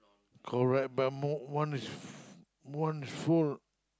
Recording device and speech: close-talking microphone, conversation in the same room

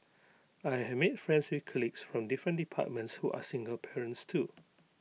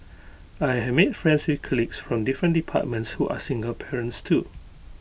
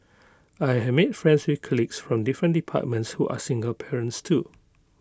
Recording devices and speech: mobile phone (iPhone 6), boundary microphone (BM630), close-talking microphone (WH20), read sentence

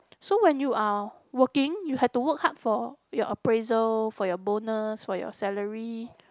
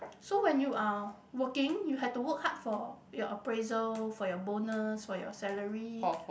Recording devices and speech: close-talking microphone, boundary microphone, conversation in the same room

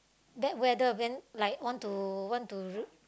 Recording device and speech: close-talking microphone, conversation in the same room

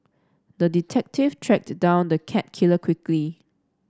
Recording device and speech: standing microphone (AKG C214), read sentence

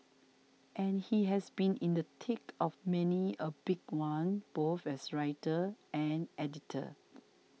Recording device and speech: mobile phone (iPhone 6), read sentence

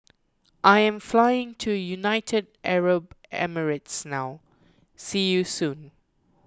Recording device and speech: close-talking microphone (WH20), read sentence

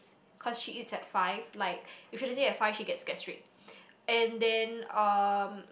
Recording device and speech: boundary microphone, conversation in the same room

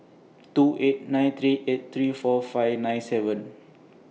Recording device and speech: mobile phone (iPhone 6), read sentence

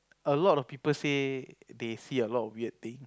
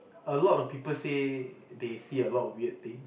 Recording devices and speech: close-talking microphone, boundary microphone, conversation in the same room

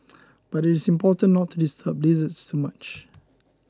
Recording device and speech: close-talking microphone (WH20), read sentence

